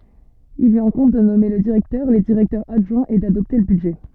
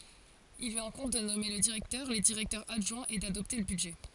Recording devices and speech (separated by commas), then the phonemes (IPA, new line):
soft in-ear microphone, forehead accelerometer, read sentence
il lyi ɛ̃kɔ̃b də nɔme lə diʁɛktœʁ le diʁɛktœʁz adʒwɛ̃z e dadɔpte lə bydʒɛ